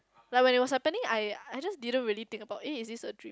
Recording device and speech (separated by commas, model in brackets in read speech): close-talking microphone, conversation in the same room